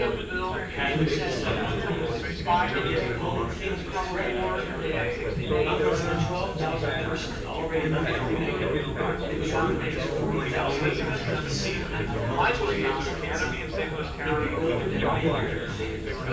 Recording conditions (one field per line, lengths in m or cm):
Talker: one person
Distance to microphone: 9.8 m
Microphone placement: far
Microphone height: 1.8 m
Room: large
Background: babble